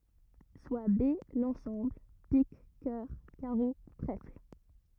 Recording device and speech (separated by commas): rigid in-ear microphone, read sentence